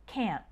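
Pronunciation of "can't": In 'can't', there is no clear or strong t sound at the end; the word just stops suddenly.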